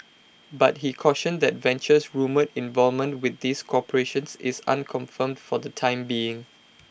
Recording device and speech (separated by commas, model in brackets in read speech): boundary microphone (BM630), read sentence